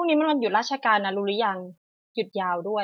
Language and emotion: Thai, neutral